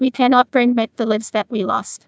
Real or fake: fake